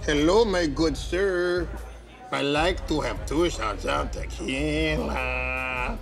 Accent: Spanish accent